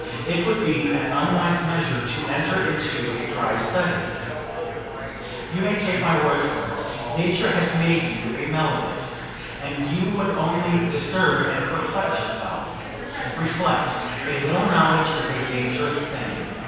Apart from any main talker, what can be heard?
Crowd babble.